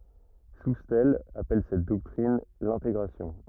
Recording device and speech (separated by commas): rigid in-ear microphone, read sentence